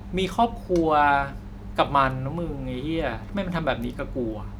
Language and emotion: Thai, frustrated